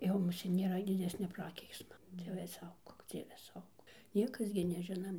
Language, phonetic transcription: Lithuanian, jau muˈsėt nėˈra diˈdesnia ˈprakeiksma ˈdieve ˈsaugok ˈdzieve ˈsaugok ˈniekas gi neˈžinam

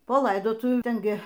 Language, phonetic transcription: Lithuanian, po ˈlaidotuvių ˈten ˈgi

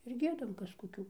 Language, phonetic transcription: Lithuanian, ir ˈgiedam ˈkas koˈkių

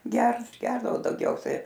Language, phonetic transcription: Lithuanian, ˈgert ˈgerdavo daugˈiausiai

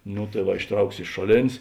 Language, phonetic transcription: Lithuanian, no tai ˈva išˈtrauks iš ˈšoˌlėn's'

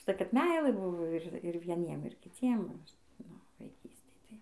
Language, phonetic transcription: Lithuanian, užˈtai kad ˈmeilɘˈbuvo ir vieˈniem ir kiˈciem va ˈaš ˈnu vaiˈkystėj tai

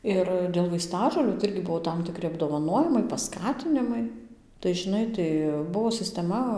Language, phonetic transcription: Lithuanian, ˈir dėl vaiˈstažolių tai ˈirgi ˈbuvo ˌtam tiˈkri apdovaˈnojimai paˈskatinimai tai žiˈnai tai ˈbuvo sisteˈma

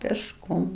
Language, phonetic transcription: Lithuanian, pėšˈkom

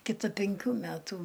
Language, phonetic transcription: Lithuanian, kiˈta penˈkių ˈmætu

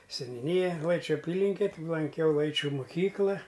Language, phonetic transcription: Lithuanian, seniūˈnija ˈlaičiu aˈpylinke ti lanˈkiau ˈlaičiu muˈkykla

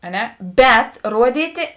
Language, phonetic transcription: Lithuanian, a ˈne ˈbet ˈruoˌdytė

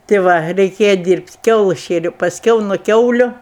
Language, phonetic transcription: Lithuanian, tė ˈva reiˈkėja ˈdyrbt' ˈkiaulɜs ˈšėriau pasˈkiau nu ˈkiauliu

